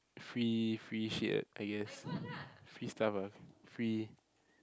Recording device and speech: close-talking microphone, conversation in the same room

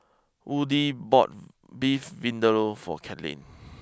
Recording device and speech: close-talking microphone (WH20), read sentence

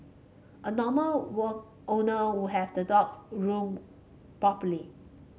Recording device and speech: mobile phone (Samsung C5), read sentence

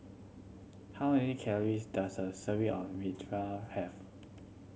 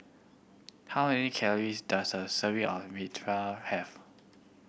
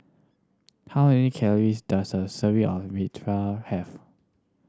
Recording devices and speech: mobile phone (Samsung C7100), boundary microphone (BM630), standing microphone (AKG C214), read sentence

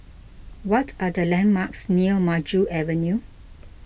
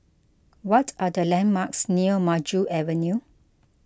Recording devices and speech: boundary microphone (BM630), close-talking microphone (WH20), read sentence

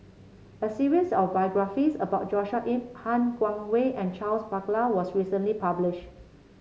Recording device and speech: mobile phone (Samsung C7), read sentence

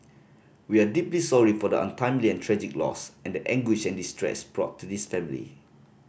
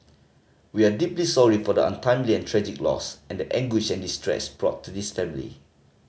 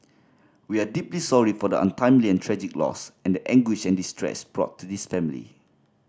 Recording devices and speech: boundary microphone (BM630), mobile phone (Samsung C5010), standing microphone (AKG C214), read sentence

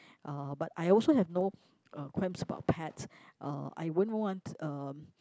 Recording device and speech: close-talking microphone, conversation in the same room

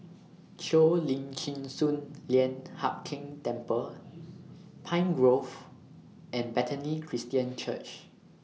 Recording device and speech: mobile phone (iPhone 6), read sentence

